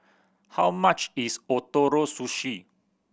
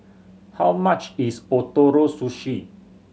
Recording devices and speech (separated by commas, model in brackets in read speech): boundary microphone (BM630), mobile phone (Samsung C7100), read sentence